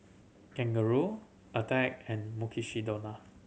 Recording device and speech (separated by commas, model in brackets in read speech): mobile phone (Samsung C7100), read sentence